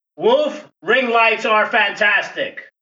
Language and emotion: English, disgusted